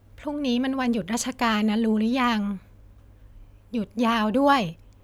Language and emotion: Thai, neutral